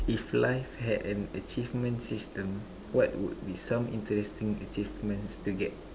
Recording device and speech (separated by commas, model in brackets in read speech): standing microphone, conversation in separate rooms